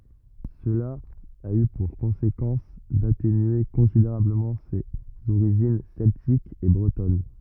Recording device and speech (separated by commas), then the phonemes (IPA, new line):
rigid in-ear microphone, read sentence
səla a y puʁ kɔ̃sekɑ̃s datenye kɔ̃sideʁabləmɑ̃ sez oʁiʒin sɛltikz e bʁətɔn